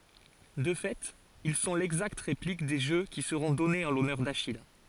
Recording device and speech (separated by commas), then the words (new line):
forehead accelerometer, read sentence
De fait, ils sont l'exacte réplique des jeux qui seront donnés en l'honneur d'Achille.